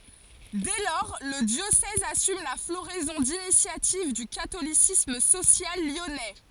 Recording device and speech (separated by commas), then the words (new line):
forehead accelerometer, read sentence
Dès lors, le diocèse assume la floraison d'initiatives du catholicisme social lyonnais.